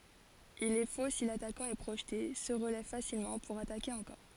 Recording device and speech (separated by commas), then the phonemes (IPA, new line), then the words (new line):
forehead accelerometer, read sentence
il ɛ fo si latakɑ̃ ɛ pʁoʒte sə ʁəlɛv fasilmɑ̃ puʁ atake ɑ̃kɔʁ
Il est faux si l’attaquant est projeté, se relève facilement, pour attaquer encore.